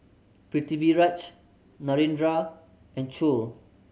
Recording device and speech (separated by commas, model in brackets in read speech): mobile phone (Samsung C7100), read sentence